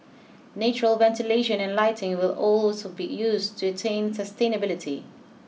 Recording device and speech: mobile phone (iPhone 6), read sentence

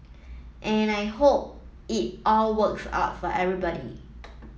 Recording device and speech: mobile phone (iPhone 7), read sentence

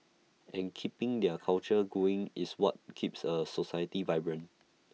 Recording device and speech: mobile phone (iPhone 6), read sentence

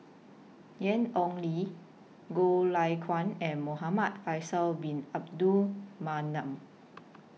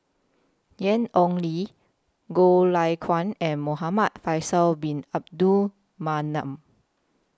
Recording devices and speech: mobile phone (iPhone 6), close-talking microphone (WH20), read sentence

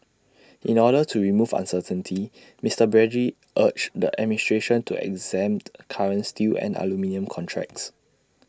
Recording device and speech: standing microphone (AKG C214), read sentence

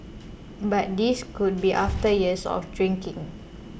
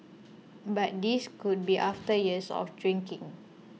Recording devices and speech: boundary microphone (BM630), mobile phone (iPhone 6), read sentence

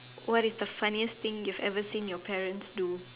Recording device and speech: telephone, conversation in separate rooms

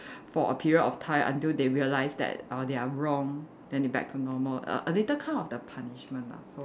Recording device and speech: standing microphone, conversation in separate rooms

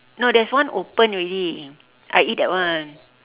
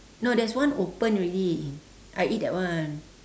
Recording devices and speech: telephone, standing microphone, conversation in separate rooms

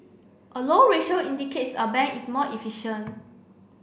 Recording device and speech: boundary microphone (BM630), read sentence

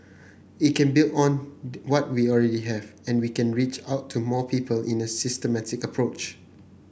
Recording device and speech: boundary microphone (BM630), read sentence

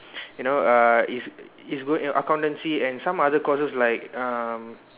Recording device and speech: telephone, conversation in separate rooms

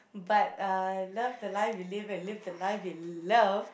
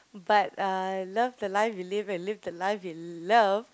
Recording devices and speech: boundary microphone, close-talking microphone, conversation in the same room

